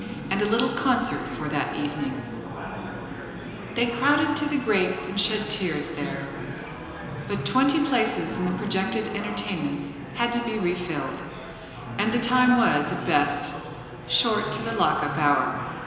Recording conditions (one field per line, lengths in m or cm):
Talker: one person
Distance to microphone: 1.7 m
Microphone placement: close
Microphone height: 1.0 m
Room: very reverberant, large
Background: babble